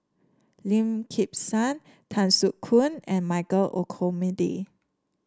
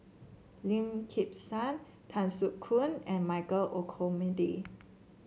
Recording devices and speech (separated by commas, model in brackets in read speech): standing microphone (AKG C214), mobile phone (Samsung C7), read sentence